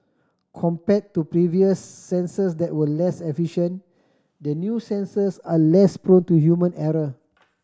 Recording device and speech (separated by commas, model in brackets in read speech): standing microphone (AKG C214), read sentence